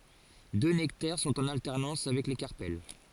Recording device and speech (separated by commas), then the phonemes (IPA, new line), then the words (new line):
forehead accelerometer, read sentence
dø nɛktɛʁ sɔ̃t ɑ̃n altɛʁnɑ̃s avɛk le kaʁpɛl
Deux nectaires sont en alternance avec les carpelles.